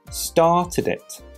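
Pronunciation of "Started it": In 'started it', the stress falls at the start, on 'start', and the two words are linked together.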